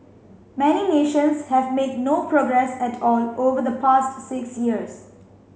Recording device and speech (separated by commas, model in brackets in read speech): mobile phone (Samsung C5), read sentence